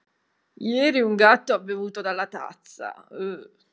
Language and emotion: Italian, disgusted